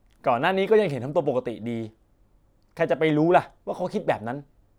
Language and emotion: Thai, frustrated